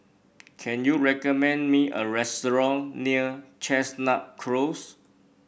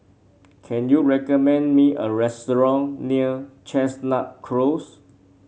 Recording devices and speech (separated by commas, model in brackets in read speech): boundary microphone (BM630), mobile phone (Samsung C7), read sentence